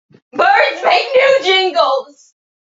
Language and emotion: English, sad